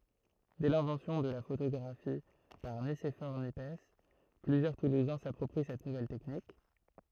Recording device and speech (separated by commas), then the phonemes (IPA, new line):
throat microphone, read sentence
dɛ lɛ̃vɑ̃sjɔ̃ də la fotoɡʁafi paʁ nisefɔʁ njɛps plyzjœʁ tuluzɛ̃ sapʁɔpʁi sɛt nuvɛl tɛknik